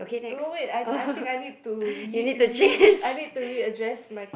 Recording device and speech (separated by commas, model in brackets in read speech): boundary microphone, conversation in the same room